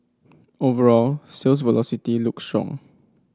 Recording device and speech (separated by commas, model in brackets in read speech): standing microphone (AKG C214), read sentence